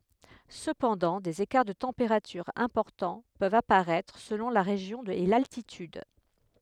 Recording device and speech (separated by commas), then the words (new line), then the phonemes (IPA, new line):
headset microphone, read sentence
Cependant, des écarts de températures importants peuvent apparaître, selon la région et l’altitude.
səpɑ̃dɑ̃ dez ekaʁ də tɑ̃peʁatyʁz ɛ̃pɔʁtɑ̃ pøvt apaʁɛtʁ səlɔ̃ la ʁeʒjɔ̃ e laltityd